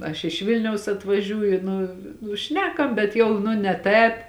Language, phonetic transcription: Lithuanian, aš iš ˈvilniaus atvaˈžiūju ˈnu nu ˈšnekam bet ˈjau nu ne ˈtēp

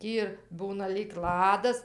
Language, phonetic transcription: Lithuanian, ˈtį ir ˈbūna lyg ˈladas

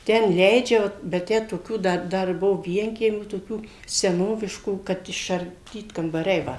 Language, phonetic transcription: Lithuanian, ˈten ˈleidžia va ˈbet ˈtę toˈkių ˈda ˈdar ˈbuo ˈvienkiemių toˈkių seˈnoviškų kad išarˈdyt kambaˈriai ˈva

